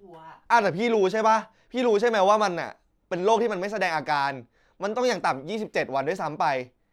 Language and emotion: Thai, frustrated